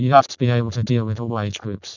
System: VC, vocoder